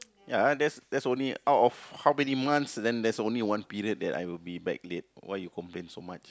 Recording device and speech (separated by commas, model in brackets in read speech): close-talking microphone, conversation in the same room